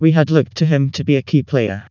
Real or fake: fake